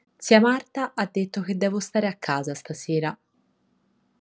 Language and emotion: Italian, neutral